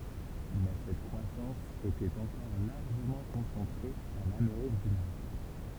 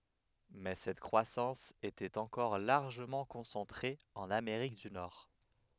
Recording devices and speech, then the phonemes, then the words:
temple vibration pickup, headset microphone, read sentence
mɛ sɛt kʁwasɑ̃s etɛt ɑ̃kɔʁ laʁʒəmɑ̃ kɔ̃sɑ̃tʁe ɑ̃n ameʁik dy nɔʁ
Mais cette croissance était encore largement concentrée en Amérique du Nord.

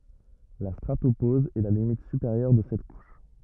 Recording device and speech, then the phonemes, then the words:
rigid in-ear microphone, read sentence
la stʁatopoz ɛ la limit sypeʁjœʁ də sɛt kuʃ
La stratopause est la limite supérieure de cette couche.

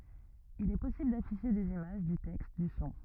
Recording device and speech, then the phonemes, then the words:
rigid in-ear microphone, read sentence
il ɛ pɔsibl dafiʃe dez imaʒ dy tɛkst dy sɔ̃
Il est possible d'afficher des images, du texte, du son.

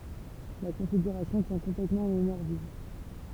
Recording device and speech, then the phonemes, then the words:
temple vibration pickup, read sentence
la kɔ̃fiɡyʁasjɔ̃ tjɛ̃ kɔ̃plɛtmɑ̃ ɑ̃ memwaʁ viv
La configuration tient complètement en mémoire vive.

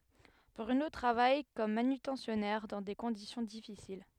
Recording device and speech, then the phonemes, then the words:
headset microphone, read sentence
bʁyno tʁavaj kɔm manytɑ̃sjɔnɛʁ dɑ̃ de kɔ̃disjɔ̃ difisil
Bruno travaille comme manutentionnaire dans des conditions difficiles.

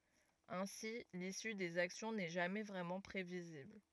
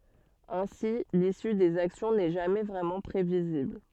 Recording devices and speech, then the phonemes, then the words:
rigid in-ear microphone, soft in-ear microphone, read sentence
ɛ̃si lisy dez aksjɔ̃ nɛ ʒamɛ vʁɛmɑ̃ pʁevizibl
Ainsi, l’issue des actions n’est jamais vraiment prévisible.

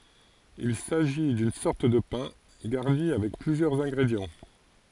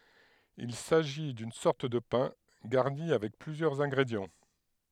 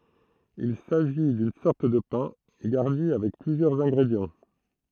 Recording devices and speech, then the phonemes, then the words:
forehead accelerometer, headset microphone, throat microphone, read sentence
il saʒi dyn sɔʁt də pɛ̃ ɡaʁni avɛk plyzjœʁz ɛ̃ɡʁedjɑ̃
Il s'agit d'une sorte de pain, garni avec plusieurs ingrédients.

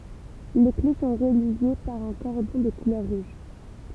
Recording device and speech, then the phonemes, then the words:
temple vibration pickup, read sentence
le kle sɔ̃ ʁəlje paʁ œ̃ kɔʁdɔ̃ də kulœʁ ʁuʒ
Les clés sont reliées par un cordon de couleur rouge.

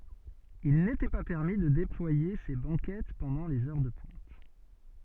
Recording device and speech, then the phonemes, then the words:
soft in-ear microphone, read sentence
il netɛ pa pɛʁmi də deplwaje se bɑ̃kɛt pɑ̃dɑ̃ lez œʁ də pwɛ̃t
Il n'était pas permis de déployer ces banquettes pendant les heures de pointe.

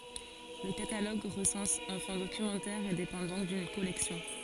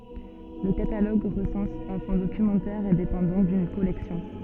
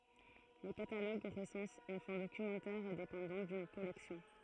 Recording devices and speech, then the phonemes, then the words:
forehead accelerometer, soft in-ear microphone, throat microphone, read sentence
lə kataloɡ ʁəsɑ̃s œ̃ fɔ̃ dokymɑ̃tɛʁ e depɑ̃ dɔ̃k dyn kɔlɛksjɔ̃
Le catalogue recense un fonds documentaire et dépend donc d'une collection.

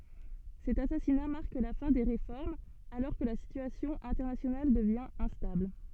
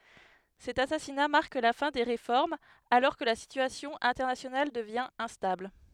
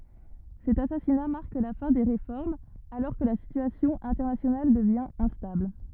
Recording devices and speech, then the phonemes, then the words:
soft in-ear microphone, headset microphone, rigid in-ear microphone, read sentence
sɛt asasina maʁk la fɛ̃ de ʁefɔʁmz alɔʁ kə la sityasjɔ̃ ɛ̃tɛʁnasjonal dəvjɛ̃ ɛ̃stabl
Cet assassinat marque la fin des réformes, alors que la situation internationale devient instable.

